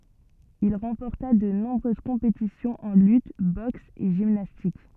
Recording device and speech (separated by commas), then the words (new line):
soft in-ear microphone, read sentence
Il remporta de nombreuses compétitions en lutte, boxe et gymnastique.